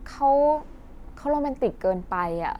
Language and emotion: Thai, frustrated